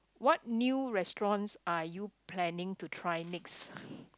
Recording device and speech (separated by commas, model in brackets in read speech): close-talking microphone, conversation in the same room